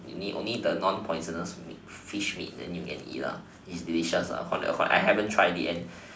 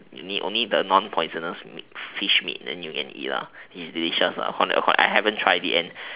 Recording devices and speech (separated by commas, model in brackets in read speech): standing microphone, telephone, conversation in separate rooms